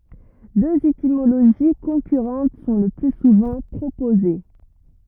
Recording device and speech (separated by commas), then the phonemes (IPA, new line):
rigid in-ear microphone, read sentence
døz etimoloʒi kɔ̃kyʁɑ̃t sɔ̃ lə ply suvɑ̃ pʁopoze